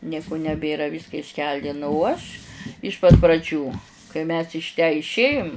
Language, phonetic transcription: Lithuanian, ˈnieku neˈbėra ˈvyska išˈkeldinu u ˈaš iš pat praˈdžių kai mes iš tę išˈėjum

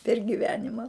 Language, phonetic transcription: Lithuanian, per giˈvenima

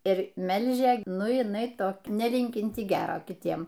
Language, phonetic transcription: Lithuanian, ir ˈmelžia ˈnu jiˈnai ˈtok neˈlinkinti ˈgero kiˈtiem

